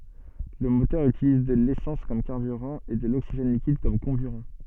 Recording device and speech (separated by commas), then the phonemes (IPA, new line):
soft in-ear microphone, read sentence
lə motœʁ ytiliz də lesɑ̃s kɔm kaʁbyʁɑ̃ e də loksiʒɛn likid kɔm kɔ̃byʁɑ̃